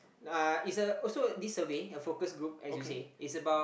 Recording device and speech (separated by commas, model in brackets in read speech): boundary microphone, conversation in the same room